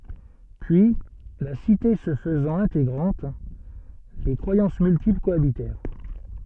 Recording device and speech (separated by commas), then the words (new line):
soft in-ear microphone, read sentence
Puis, la cité se faisant intégrante, des croyances multiples cohabitèrent.